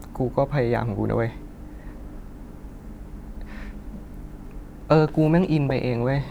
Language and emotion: Thai, sad